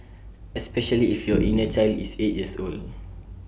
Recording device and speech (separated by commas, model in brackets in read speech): boundary microphone (BM630), read sentence